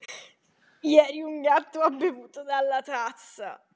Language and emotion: Italian, disgusted